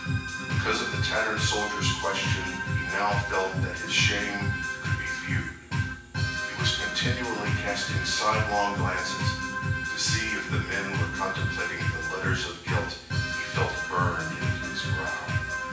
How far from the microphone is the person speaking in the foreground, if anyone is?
9.8 m.